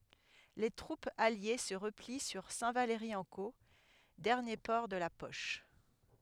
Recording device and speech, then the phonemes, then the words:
headset microphone, read sentence
le tʁupz alje sə ʁəpli syʁ sɛ̃tvalʁiɑ̃ko dɛʁnje pɔʁ də la pɔʃ
Les troupes alliées se replient sur Saint-Valery-en-Caux, dernier port de la poche.

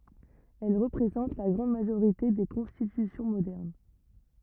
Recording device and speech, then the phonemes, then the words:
rigid in-ear microphone, read sentence
ɛl ʁəpʁezɑ̃t la ɡʁɑ̃d maʒoʁite de kɔ̃stitysjɔ̃ modɛʁn
Elles représentent la grande majorité des constitutions modernes.

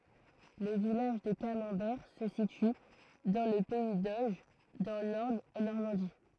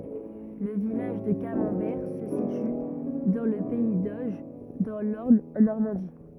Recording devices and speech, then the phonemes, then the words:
throat microphone, rigid in-ear microphone, read sentence
lə vilaʒ də kamɑ̃bɛʁ sə sity dɑ̃ lə pɛi doʒ dɑ̃ lɔʁn ɑ̃ nɔʁmɑ̃di
Le village de Camembert se situe dans le pays d'Auge, dans l’Orne en Normandie.

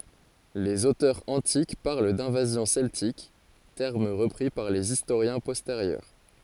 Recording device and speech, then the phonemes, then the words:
forehead accelerometer, read sentence
lez otœʁz ɑ̃tik paʁl dɛ̃vazjɔ̃ sɛltik tɛʁm ʁəpʁi paʁ lez istoʁjɛ̃ pɔsteʁjœʁ
Les auteurs antiques parlent d'invasions celtiques, terme repris par les historiens postérieurs.

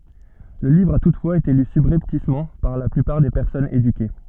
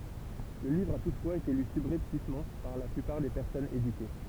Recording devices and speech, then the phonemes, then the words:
soft in-ear microphone, temple vibration pickup, read sentence
lə livʁ a tutfwaz ete ly sybʁɛptismɑ̃ paʁ la plypaʁ de pɛʁsɔnz edyke
Le livre a toutefois été lu subrepticement par la plupart des personnes éduquées.

